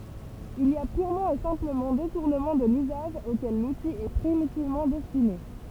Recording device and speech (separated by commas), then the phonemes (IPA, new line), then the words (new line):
temple vibration pickup, read sentence
il i a pyʁmɑ̃ e sɛ̃pləmɑ̃ detuʁnəmɑ̃ də lyzaʒ okɛl luti ɛ pʁimitivmɑ̃ dɛstine
Il y a purement et simplement détournement de l'usage auquel l'outil est primitivement destiné.